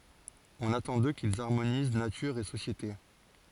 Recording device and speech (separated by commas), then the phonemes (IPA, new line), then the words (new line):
forehead accelerometer, read sentence
ɔ̃n atɑ̃ dø kilz aʁmoniz natyʁ e sosjete
On attend d'eux qu'ils harmonisent nature et société.